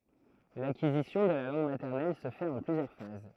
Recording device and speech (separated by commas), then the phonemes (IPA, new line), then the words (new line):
throat microphone, read sentence
lakizisjɔ̃ də la lɑ̃ɡ matɛʁnɛl sə fɛt ɑ̃ plyzjœʁ faz
L'acquisition de la langue maternelle se fait en plusieurs phases.